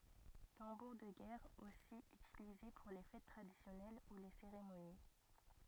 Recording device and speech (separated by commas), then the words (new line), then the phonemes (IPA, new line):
rigid in-ear microphone, read sentence
Tambour de guerre aussi utilisé pour les fêtes traditionnelles ou les cérémonies.
tɑ̃buʁ də ɡɛʁ osi ytilize puʁ le fɛt tʁadisjɔnɛl u le seʁemoni